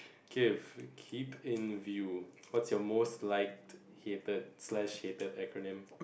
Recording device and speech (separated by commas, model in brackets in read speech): boundary microphone, conversation in the same room